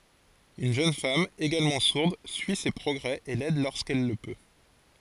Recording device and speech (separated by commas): forehead accelerometer, read sentence